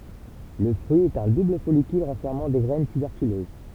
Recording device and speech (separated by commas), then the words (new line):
temple vibration pickup, read sentence
Le fruit est un double follicule renfermant des graines tuberculeuses.